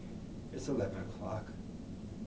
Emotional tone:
sad